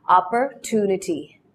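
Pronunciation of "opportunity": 'Opportunity' is said in an American accent, with the y sound in the middle dropped.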